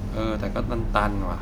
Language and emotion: Thai, frustrated